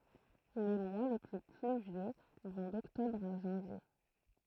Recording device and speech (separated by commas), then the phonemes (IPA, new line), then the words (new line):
throat microphone, read sentence
le mwa le ply plyvjø vɔ̃ dɔktɔbʁ a ʒɑ̃vje
Les mois les plus pluvieux vont d'octobre à janvier.